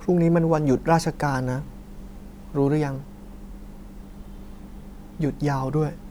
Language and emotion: Thai, neutral